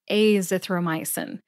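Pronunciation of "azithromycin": In 'azithromycin', the a is said as a long A sound.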